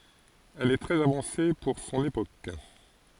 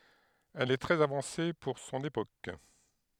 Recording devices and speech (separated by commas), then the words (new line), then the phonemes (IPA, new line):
forehead accelerometer, headset microphone, read sentence
Elle est très avancée pour son époque.
ɛl ɛ tʁɛz avɑ̃se puʁ sɔ̃n epok